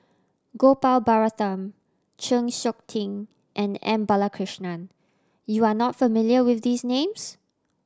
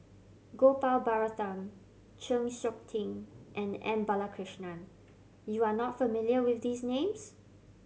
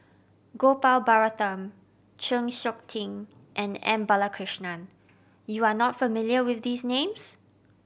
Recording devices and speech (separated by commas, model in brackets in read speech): standing microphone (AKG C214), mobile phone (Samsung C7100), boundary microphone (BM630), read sentence